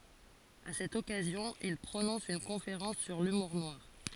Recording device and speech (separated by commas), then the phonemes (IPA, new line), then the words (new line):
forehead accelerometer, read sentence
a sɛt ɔkazjɔ̃ il pʁonɔ̃s yn kɔ̃feʁɑ̃s syʁ lymuʁ nwaʁ
À cette occasion, il prononce une conférence sur l’humour noir.